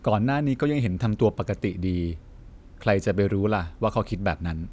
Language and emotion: Thai, neutral